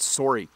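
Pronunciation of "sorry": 'Sorry' is said in the Canadian English way, with the same o sound as in the word 'sore'.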